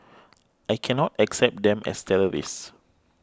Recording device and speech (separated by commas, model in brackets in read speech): close-talking microphone (WH20), read sentence